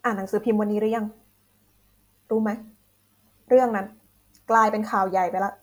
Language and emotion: Thai, frustrated